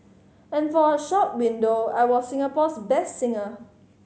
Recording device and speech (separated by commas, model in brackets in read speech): mobile phone (Samsung C5010), read sentence